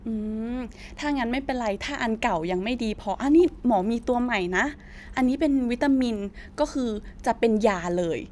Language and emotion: Thai, happy